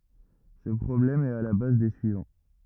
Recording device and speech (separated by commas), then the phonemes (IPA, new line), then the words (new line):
rigid in-ear microphone, read sentence
sə pʁɔblɛm ɛt a la baz de syivɑ̃
Ce problème est à la base des suivants.